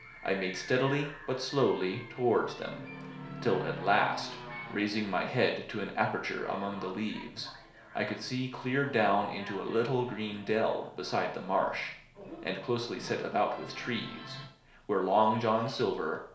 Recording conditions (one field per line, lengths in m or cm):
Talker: one person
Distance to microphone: 1.0 m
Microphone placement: close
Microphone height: 1.1 m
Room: small (3.7 m by 2.7 m)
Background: television